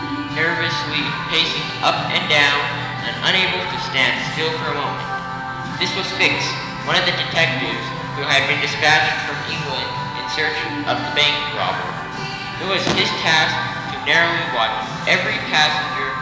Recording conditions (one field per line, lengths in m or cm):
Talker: one person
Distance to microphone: 1.7 m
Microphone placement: close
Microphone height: 1.0 m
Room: very reverberant, large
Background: music